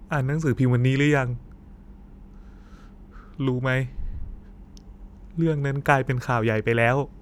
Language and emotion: Thai, sad